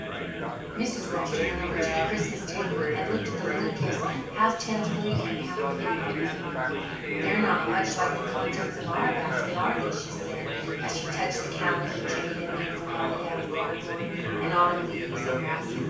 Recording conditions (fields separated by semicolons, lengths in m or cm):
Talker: one person; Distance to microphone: 9.8 m; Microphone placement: far; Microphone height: 1.8 m; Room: large; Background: babble